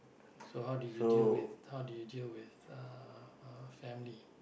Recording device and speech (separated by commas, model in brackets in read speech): boundary microphone, conversation in the same room